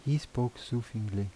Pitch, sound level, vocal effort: 120 Hz, 77 dB SPL, soft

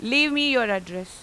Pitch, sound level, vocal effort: 235 Hz, 94 dB SPL, very loud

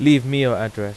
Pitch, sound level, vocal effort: 125 Hz, 91 dB SPL, loud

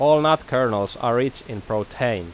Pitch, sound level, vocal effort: 120 Hz, 90 dB SPL, loud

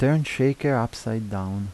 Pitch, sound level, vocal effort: 115 Hz, 81 dB SPL, soft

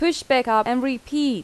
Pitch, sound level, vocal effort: 265 Hz, 87 dB SPL, very loud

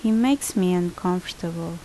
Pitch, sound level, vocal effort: 180 Hz, 76 dB SPL, normal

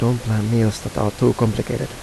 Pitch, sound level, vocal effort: 115 Hz, 80 dB SPL, soft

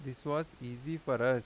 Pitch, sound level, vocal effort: 130 Hz, 87 dB SPL, normal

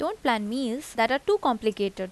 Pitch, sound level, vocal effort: 240 Hz, 84 dB SPL, normal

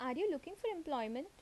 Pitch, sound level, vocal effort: 330 Hz, 81 dB SPL, normal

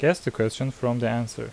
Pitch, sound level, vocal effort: 120 Hz, 81 dB SPL, normal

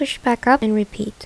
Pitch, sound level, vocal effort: 220 Hz, 77 dB SPL, soft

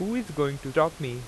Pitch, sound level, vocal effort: 150 Hz, 89 dB SPL, loud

